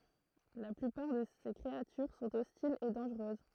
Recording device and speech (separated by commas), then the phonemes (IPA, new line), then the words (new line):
throat microphone, read sentence
la plypaʁ də se kʁeatyʁ sɔ̃t ɔstilz e dɑ̃ʒʁøz
La plupart de ses créatures sont hostiles et dangereuses.